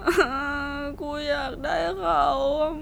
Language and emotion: Thai, sad